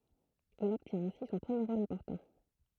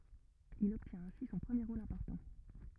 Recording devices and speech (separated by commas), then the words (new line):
throat microphone, rigid in-ear microphone, read sentence
Il obtient ainsi son premier rôle important.